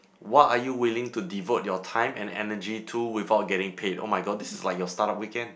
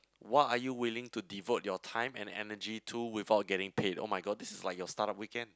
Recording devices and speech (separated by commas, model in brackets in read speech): boundary microphone, close-talking microphone, conversation in the same room